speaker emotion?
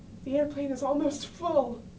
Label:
fearful